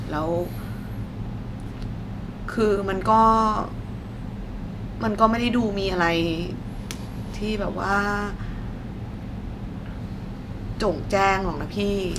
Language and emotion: Thai, sad